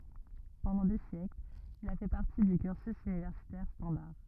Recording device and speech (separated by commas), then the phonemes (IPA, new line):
rigid in-ear microphone, read sentence
pɑ̃dɑ̃ de sjɛklz il a fɛ paʁti dy kyʁsy ynivɛʁsitɛʁ stɑ̃daʁ